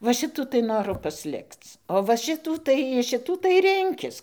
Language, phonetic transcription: Lithuanian, va ˈšitų tai ˈnoru pasˈlikc o va ˈšitų tai iš ˈšitų tai ˈrinkis

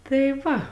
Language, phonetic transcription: Lithuanian, ˈtai ˈva

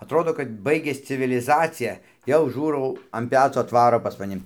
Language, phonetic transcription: Lithuanian, atˈrodo kad ˈbaigias civiliˈzacija jau ˈžūrau an ˈpeco atˈvaro pas maˈni

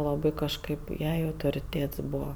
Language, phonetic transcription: Lithuanian, laˈbai kažˈkaip ˈjai autoriˈtėts ˈbūva

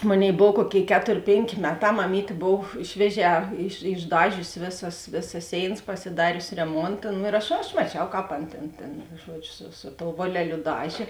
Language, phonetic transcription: Lithuanian, ˈmoˌnėi ˈbov ˈkuoˌkėi ˈketor' ˈpėnˌkė ˈmeˌtā maˈmytė ˈbov ˈšvieˌžē iš išˈdažiusi ˈvėˌsas ˈvėˌsas ˈsėinas pasiˈdariusi reˈmonta nu ir ˈaš aš maˈčiau ˈkāp ˈan ˈtėn tėn ˈžuodžiu su su tou ˈvoleˌliu ˈdažė

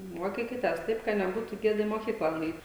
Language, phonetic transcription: Lithuanian, ˈmuokykites ˈtaip ˈka neˈbūtu ˈgėda į moˈkykla nuˈeit

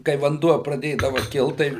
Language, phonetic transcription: Lithuanian, kai vanˈduo praˈdėdava ˈkilt ˈtai

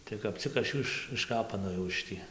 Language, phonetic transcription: Lithuanian, tai kap ˈcik aš ˈjų iš išˈkapanojau iš ˈtį

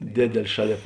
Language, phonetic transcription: Lithuanian, ˈdėdėl' ˈšaˌlėp

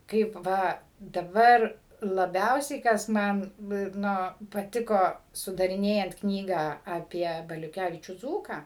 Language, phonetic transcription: Lithuanian, ˈkaip ˈva daˈbar laˈbiausiai kas ˈman ˈnu ir ˈno paˈtiko sudariˈnėjant ˈknygą aˈpie baliuˈkævičių ˈdzūką

